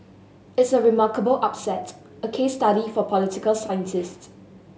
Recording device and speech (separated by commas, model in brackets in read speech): mobile phone (Samsung S8), read sentence